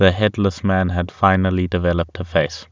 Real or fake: real